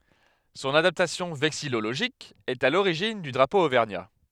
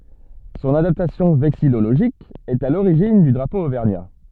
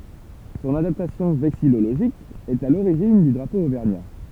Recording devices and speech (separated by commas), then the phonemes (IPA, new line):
headset microphone, soft in-ear microphone, temple vibration pickup, read sentence
sɔ̃n adaptasjɔ̃ vɛksijoloʒik ɛt a loʁiʒin dy dʁapo ovɛʁɲa